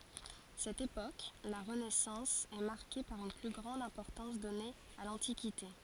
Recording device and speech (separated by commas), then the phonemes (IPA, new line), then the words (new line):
forehead accelerometer, read sentence
sɛt epok la ʁənɛsɑ̃s ɛ maʁke paʁ yn ply ɡʁɑ̃d ɛ̃pɔʁtɑ̃s dɔne a lɑ̃tikite
Cette époque, la Renaissance, est marquée par une plus grande importance donnée à l'Antiquité.